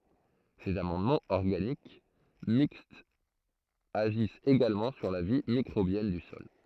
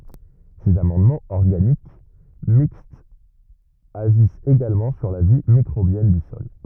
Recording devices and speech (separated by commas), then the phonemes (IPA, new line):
throat microphone, rigid in-ear microphone, read sentence
sez amɑ̃dmɑ̃z ɔʁɡanik mikstz aʒist eɡalmɑ̃ syʁ la vi mikʁobjɛn dy sɔl